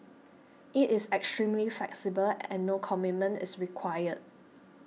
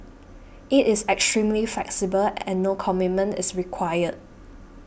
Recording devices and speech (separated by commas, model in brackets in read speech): mobile phone (iPhone 6), boundary microphone (BM630), read sentence